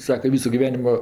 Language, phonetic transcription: Lithuanian, ˈsaka ˈvysu giˈvenimo

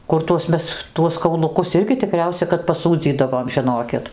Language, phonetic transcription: Lithuanian, ˈkur tuos ˈmes ˈtuos kauluˈkus ˈirgi tiˈkriausia kad paˈsūdzydavom žiˈnokit

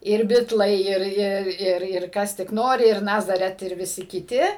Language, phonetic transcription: Lithuanian, ir ˈbitlai ˈir ˈir ˈir ˈir ˈkas tik ˈnori ir ˈnazaret ir viˈsi kiˈti

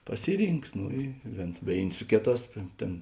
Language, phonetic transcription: Lithuanian, ˈpasiˌrynks ˈno i vėn ˈvėin' ˈsu kėˌtās ˈtėn

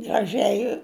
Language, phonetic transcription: Lithuanian, graˈžiai

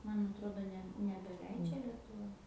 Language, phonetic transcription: Lithuanian, ˈman atˈrodo ˈne nebeˈleidžia lietuˈva

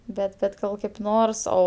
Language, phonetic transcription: Lithuanian, ˈbet bet ˈgal kaip ˈnors ˈo

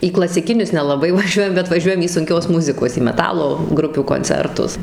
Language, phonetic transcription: Lithuanian, į klasiˈkinius nelaˈbai vaˈžiuojam bet vaˈžiuojam į sunˈkios ˈmuzikos į meˈtalo ˈgrupių konˈcertus

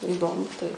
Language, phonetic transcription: Lithuanian, iˈdomu tai

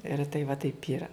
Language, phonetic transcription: Lithuanian, ir tai va ˈtaip ˈyra

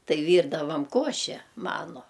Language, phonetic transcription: Lithuanian, ˈtai ˈvyrdavam ˈkoše ˈmanu

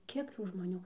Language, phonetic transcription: Lithuanian, ˈkiek ˈtų žmoˈnių

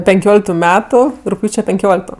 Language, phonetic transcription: Lithuanian, penˈkioliktu ˈmetu rugˈpjūče penˈkiolikto

